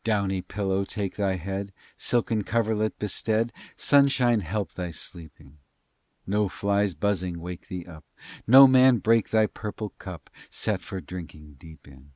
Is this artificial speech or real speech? real